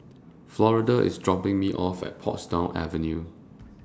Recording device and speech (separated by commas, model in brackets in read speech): standing microphone (AKG C214), read sentence